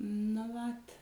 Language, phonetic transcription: Lithuanian, nu ˈvat

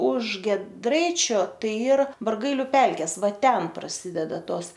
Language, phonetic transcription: Lithuanian, už gieˈdraičio ˈtai ˈyr barˈgailiu ˈpelkės ˈva ˈten praˈsideda ˈtos

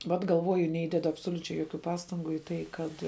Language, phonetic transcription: Lithuanian, ˈvat galˈvoju neˈįdedu absoliuˈčiai joˈkių ˈpastangu į ˈtai ˈkad

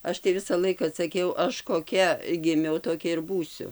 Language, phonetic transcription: Lithuanian, ˈaš tai ˈvisa ˈlaika saˈkiau ˈaš koˈkia giˈmiau toˈkia ir ˈbūsiu

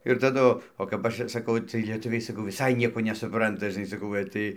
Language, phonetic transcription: Lithuanian, ir taˈdu o kap ˈaš ir saˈkau ˈcɨɜj lieˈtuviai saˈkau viˈsai ˈnieko nesuˈpranta žɨˈnai saˈkau gal' ˈtai

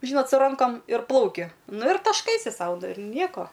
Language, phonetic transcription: Lithuanian, ˈžynot su ˈrankom ir ˈplauki ˈnu ir tašˈkaisi ˈsau ir ˈnieko

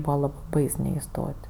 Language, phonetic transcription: Lithuanian, ˈbūva ˈlab ˈbais neiˈstot'

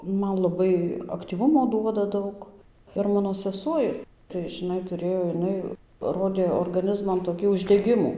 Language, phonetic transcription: Lithuanian, ˈman laˈbai aktyˈvumo ˈduoda ˈdaug ir ˈmano seˈsuoj tai žiˈnai tuˈrėjo jiˈnai ˈrodė orgaˈnizman toˈkį uždeˈgimų

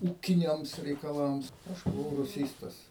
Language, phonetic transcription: Lithuanian, ˈūkiniams reikaˈlams ˈaš buˈvau ruˈsystas

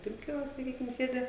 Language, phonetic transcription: Lithuanian, toˈkio saˈkykim ˈsėdi

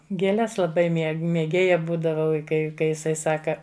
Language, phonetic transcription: Lithuanian, gėˈles laˈbai ˈmie mėˈgėja ˈbūdavau i ˈkai ˈkai jiˈsai ˈsaka

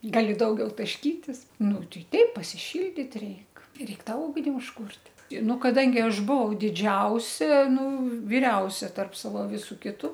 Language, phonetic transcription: Lithuanian, ˈgali ˈdaugiau tašˈkytis ˈnu ˈtei ˈteip pasiˈšildyt ˈreik ˈreik ˈtą ˈugni užˈkūrt' i ˈnu kaˈdangi ˈaš ˈbuvau diˈdžiausia ˈnu viˈriausia tarp ˈsavo ˈvisu ˈkitu

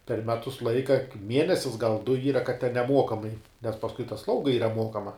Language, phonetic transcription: Lithuanian, per ˈmetus ˈlaika ˈmienesis gal du ˈyra kad ten neˈmuokamai nes pasˈkui ta ˈslauga ˈyra ˈmuokama

